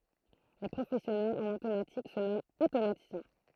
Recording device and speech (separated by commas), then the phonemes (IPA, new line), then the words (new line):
throat microphone, read sentence
le pʁofɛsjɔnɛlz ɑ̃n otomatik sə nɔmɑ̃t otomatisjɛ̃
Les professionnels en automatique se nomment automaticiens.